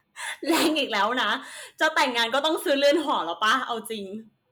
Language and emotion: Thai, happy